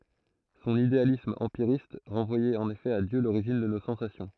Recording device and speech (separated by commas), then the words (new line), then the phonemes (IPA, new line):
throat microphone, read sentence
Son idéalisme empiriste renvoyait en effet à Dieu l'origine de nos sensations.
sɔ̃n idealism ɑ̃piʁist ʁɑ̃vwajɛt ɑ̃n efɛ a djø loʁiʒin də no sɑ̃sasjɔ̃